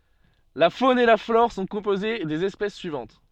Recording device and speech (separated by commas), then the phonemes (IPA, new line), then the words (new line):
soft in-ear microphone, read sentence
la fon e la flɔʁ sɔ̃ kɔ̃poze dez ɛspɛs syivɑ̃t
La faune et la flore sont composées des espèces suivantes.